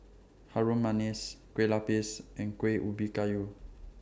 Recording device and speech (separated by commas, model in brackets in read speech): standing microphone (AKG C214), read sentence